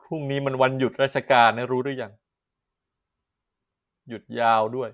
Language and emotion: Thai, sad